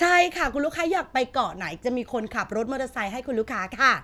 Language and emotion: Thai, happy